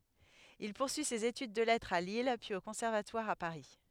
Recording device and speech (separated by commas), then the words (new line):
headset microphone, read sentence
Il poursuit ses études de lettres à Lille, puis au Conservatoire à Paris.